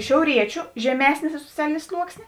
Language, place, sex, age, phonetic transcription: Lithuanian, Žemaitija, female, 18-60, šiauˈriečiu žeˈmesnė soˈcialinė ˈsluoksnė

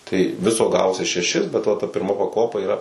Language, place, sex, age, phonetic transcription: Lithuanian, Suvalkija, male, 18-60, tai ˈviso ˈgavosi šeˈšis bet va ta pirˈma paˈkopa yˈra

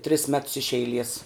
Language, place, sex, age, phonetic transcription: Lithuanian, Žemaitija, female, 18-60, tris mets iš eiˈlies

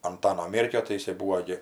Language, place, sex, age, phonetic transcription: Lithuanian, Aukštaitija, female, 60+, anˈtano ˈmėrkio tai jiˈsai ˈbūvo gi

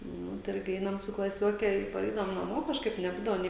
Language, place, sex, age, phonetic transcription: Lithuanian, Žemaitija, female, 18-60, ˈnu tai ˈirgi ˈeinam su klaˈsioke i paˈreidavom naˈmo kažˈkaip neˈbūdavo ˈnė

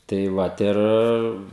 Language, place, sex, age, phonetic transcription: Lithuanian, Žemaitija, male, 18-60, tai ˈvat ˈir

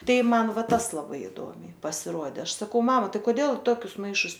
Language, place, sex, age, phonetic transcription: Lithuanian, Aukštaitija, female, 18-60, ˈtai ˈman ˈva ˈtas laˈbai iˈduomiai pasiˈruode ˈaš saˈkau ˈmama ˈtai koˈdėl i ˈtokius ˈmaišus

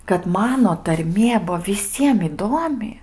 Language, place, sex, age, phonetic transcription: Lithuanian, Aukštaitija, female, 18-60, kad ˈmano tarˈmie ˈbuvo viˈsiem iˈduomi

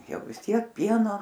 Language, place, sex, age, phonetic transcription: Lithuanian, Aukštaitija, female, 60+, ˈjau vis ˈtiek ˈpieno

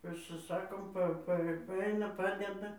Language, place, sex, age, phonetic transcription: Lithuanian, Dzūkija, female, 60+, pasiˈsakom ˈpa ˈpa va ˈaina ˈpadeda

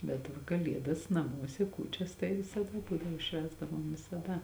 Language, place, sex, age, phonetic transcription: Lithuanian, Žemaitija, female, 18-60, bet ˈva kaˈliedas naˈmuose ˈkūčias tai visaˈda ˈbūdavo ˈšvęsdavom visaˈda

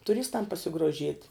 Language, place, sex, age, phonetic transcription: Lithuanian, Žemaitija, female, 18-60, tuˈristam pasigroˈžiet'

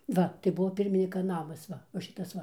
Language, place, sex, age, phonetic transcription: Lithuanian, Dzūkija, female, 60+, ˈva tai ˈbuvo ˈpirminika ˈnamas ˈva va ˈšitas ˈva

